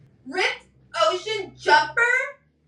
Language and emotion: English, disgusted